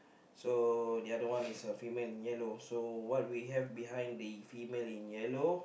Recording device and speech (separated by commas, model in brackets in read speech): boundary microphone, conversation in the same room